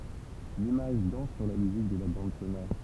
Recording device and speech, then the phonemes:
temple vibration pickup, read sentence
limaʒ dɑ̃s syʁ la myzik də la bɑ̃d sonɔʁ

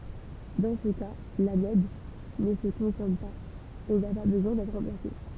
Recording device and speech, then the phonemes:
temple vibration pickup, read sentence
dɑ̃ sə ka lanɔd nə sə kɔ̃sɔm paz e na pa bəzwɛ̃ dɛtʁ ʁɑ̃plase

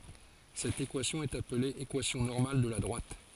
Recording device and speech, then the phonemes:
forehead accelerometer, read sentence
sɛt ekwasjɔ̃ ɛt aple ekwasjɔ̃ nɔʁmal də la dʁwat

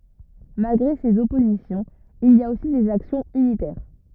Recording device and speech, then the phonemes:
rigid in-ear microphone, read sentence
malɡʁe sez ɔpozisjɔ̃z il i a osi dez aksjɔ̃z ynitɛʁ

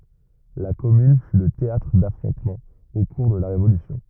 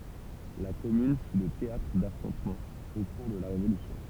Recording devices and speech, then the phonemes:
rigid in-ear microphone, temple vibration pickup, read sentence
la kɔmyn fy lə teatʁ dafʁɔ̃tmɑ̃z o kuʁ də la ʁevolysjɔ̃

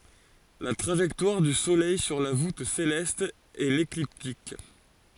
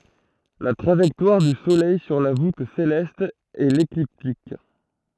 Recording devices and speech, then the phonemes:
forehead accelerometer, throat microphone, read sentence
la tʁaʒɛktwaʁ dy solɛj syʁ la vut selɛst ɛ lekliptik

